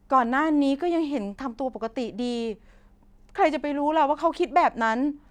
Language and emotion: Thai, sad